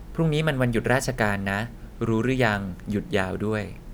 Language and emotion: Thai, neutral